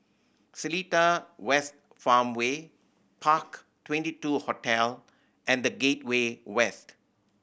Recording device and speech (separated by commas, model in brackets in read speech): boundary microphone (BM630), read sentence